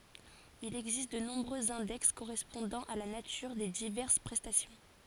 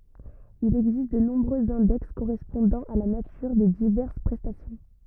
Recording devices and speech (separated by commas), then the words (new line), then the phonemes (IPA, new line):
forehead accelerometer, rigid in-ear microphone, read sentence
Il existe de nombreux index correspondant à la nature des diverses prestations.
il ɛɡzist də nɔ̃bʁøz ɛ̃dɛks koʁɛspɔ̃dɑ̃ a la natyʁ de divɛʁs pʁɛstasjɔ̃